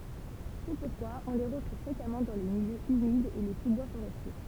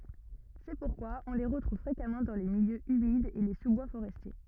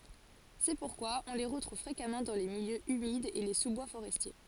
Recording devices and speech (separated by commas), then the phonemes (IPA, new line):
temple vibration pickup, rigid in-ear microphone, forehead accelerometer, read sentence
sɛ puʁkwa ɔ̃ le ʁətʁuv fʁekamɑ̃ dɑ̃ de miljøz ymidz e le suzbwa foʁɛstje